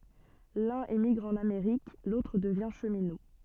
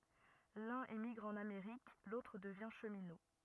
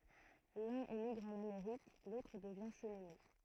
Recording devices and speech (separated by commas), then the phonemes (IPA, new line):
soft in-ear microphone, rigid in-ear microphone, throat microphone, read sentence
lœ̃n emiɡʁ ɑ̃n ameʁik lotʁ dəvjɛ̃ ʃəmino